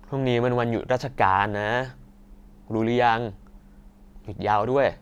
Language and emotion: Thai, frustrated